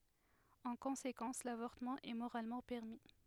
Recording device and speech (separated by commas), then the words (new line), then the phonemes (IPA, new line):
headset microphone, read sentence
En conséquence, l'avortement est moralement permis.
ɑ̃ kɔ̃sekɑ̃s lavɔʁtəmɑ̃ ɛ moʁalmɑ̃ pɛʁmi